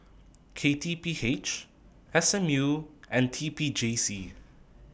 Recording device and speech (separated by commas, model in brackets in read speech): boundary microphone (BM630), read sentence